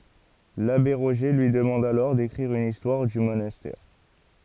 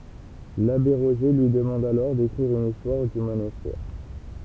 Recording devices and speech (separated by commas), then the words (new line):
forehead accelerometer, temple vibration pickup, read sentence
L'abbé Roger lui demande alors d'écrire une histoire du monastère.